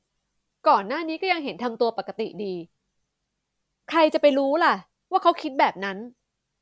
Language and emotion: Thai, frustrated